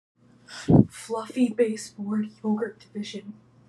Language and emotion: English, fearful